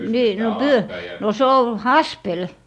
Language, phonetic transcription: Finnish, 'nii no , 'pyö- , no 'se o "haspel .
- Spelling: niin no - no se on haspeli

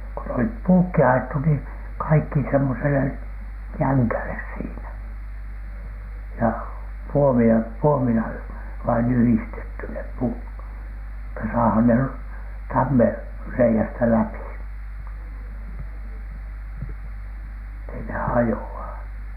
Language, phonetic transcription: Finnish, ku n ‿olip 'puukki ajettu nii , kaikki semmosele , "jäŋkäles 'siinä , ja 'puomien , "puomila vain yhistetty 'nep 'puut , että saahan ner- , "tammer'rei₍ästä läpI , ettei ne 'hajo₍a .
- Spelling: kun ne oli puutkin ajettu niin kaikki semmoiselle jängälle siinä ja puomien puomilla vain yhdistetty ne puut että saadaan ne tammenreiästä läpi että ei ne hajoa

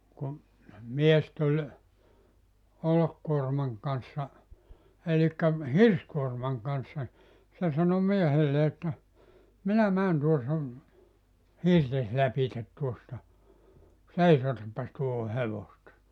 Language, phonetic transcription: Finnish, kum , 'mies tuĺ , 'olokkuormaŋ kanssa , 'elikkä , "hirskuormaŋ kanssa , 'se sano 'miehelle että , » 'minä 'mään tuo sun , "hirtes "lapitet tuosta , "seisotappas tuoho 'hevosta « .
- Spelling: kun mies tuli olkikuorman kanssa eli hirsikuorman kanssa se sanoi miehelle että minä menen tuon sinun hirtesi lävitse tuosta seisotapas tuohon hevosta

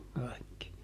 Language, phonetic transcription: Finnish, ˈkaikki .
- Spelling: kaikki

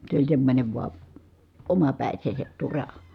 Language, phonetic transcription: Finnish, se oĺ semmońe vua , omapä̀i̮seeset tura .
- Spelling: se oli semmoinen vain omapäisensä tura

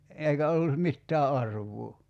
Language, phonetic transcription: Finnish, 'èikä ollu , 'mittää "arv̀uu .
- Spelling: eikä ollut mitään arvoa

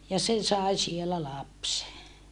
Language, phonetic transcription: Finnish, ja se sai sielä lapse .
- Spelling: ja se sai siellä lapsen

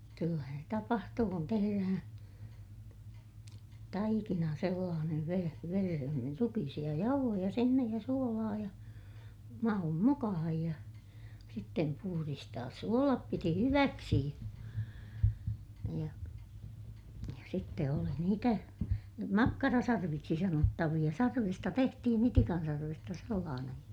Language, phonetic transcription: Finnish, kyllähän se tapahtuu kun teherähää̰ , taikina sellaanev vere- , verehen niir ruki(hi)isiʲa jauhoja sinnej ja suolaa ja , maum mukahaj ja , sittem puhuristaas suolap piti hyväksi , ja , sitte oli niitä , makkarasarviksi sanottaviʲa - sarvista tehtihin ‿itikan sarvesta sellaanej ja ,.
- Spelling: kyllähän se tapahtuu kun tehdään taikina sellainen - vereen niin rukiisia jauhoja sinne ja suolaa ja maun mukaan ja sitten puhdistaa suolet piti hyväksi ja sitten oli niitä makkarasarviksi sanottavia sarvista tehtiin itikan sarvesta sellainen ja

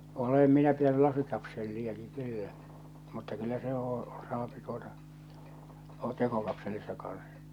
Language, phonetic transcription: Finnish, 'olem minä pitäny 'lasikapselli₍aki 'kyllä , mutta kyllä se oo , saapi tuota , oʟʟᴀt 'tekokapselissa kan̬s .
- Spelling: olen minä pitänyt lasikapseliakin kyllä mutta kyllä se on saa tuota olla tekokapselissa kanssa

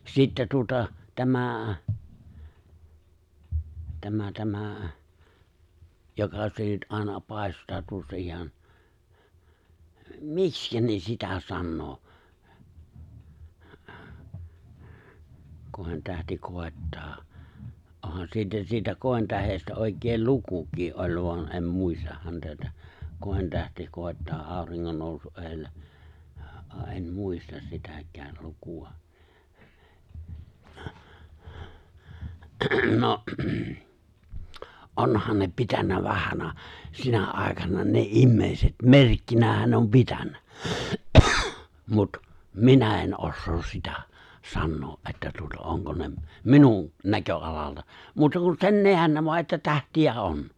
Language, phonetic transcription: Finnish, 'sittä tuᵒta , 'tämä̀ , 'tämä 'tämä̀ , 'joka se nyt 'ài̬na 'pài̬staa 'tuossa 'ihan , "mikskä ne 'sitä 'sannoo , 'kòi̬ntähti 'kòi̬ttaa , 'ohan 'siitä 'siitä 'kòi̬ntähestä òi̬keel "lukukii’ '’oĺ voan em 'muistah häntä ettᴀ̈ , 'kòi̬ntähti 'kòi̬ttaa 'aaᵒriŋŋon nòusu’ '’eeⁱllä , '’a ’en "muistas 'sitäk̀ääl 'luku₍a , 'no , '’onhan ne 'pitän̆nä ('vahan̆na) , sinä '’ài̬kana ne '’immèiset "merkkinähän ne om 'pitän̆nᴀ̈ , mut , "minä en '’ossoos sitᴀ̈ , 'sannoo '’että tuota 'oŋko ne , "minun , 'näkö’alalta , 'muuta kus 'sen "neän voa että 'tähti₍ä "on .
- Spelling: sitten tuota tämä tämä tämä joka se nyt aina paistaa tuossa ihan miksi ne sitä sanoo kointähti koittaa onhan siitä siitä kointähdestä oikein lukukin on vaan en muista häntä että kointähti koittaa auringon nousun edellä ja en muista sitäkään lukua no onhan ne pitänyt vanhana sinä aikana ne ihmiset merkkinä ne on pitänyt mutta minä en osaa sitä sanoa että tuota onko ne minun näköalalta muuta kuin sen näen vain että tähtiä on

